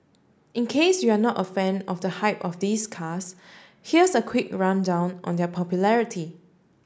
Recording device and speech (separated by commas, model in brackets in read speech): standing microphone (AKG C214), read sentence